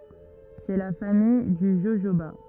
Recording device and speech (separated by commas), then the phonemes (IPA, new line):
rigid in-ear microphone, read sentence
sɛ la famij dy ʒoʒoba